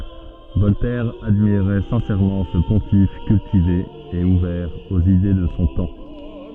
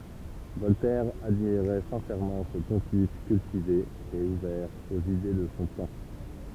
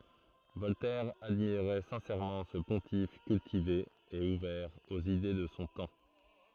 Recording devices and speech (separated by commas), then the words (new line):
soft in-ear microphone, temple vibration pickup, throat microphone, read sentence
Voltaire admirait sincèrement ce pontife cultivé et ouvert aux idées de son temps.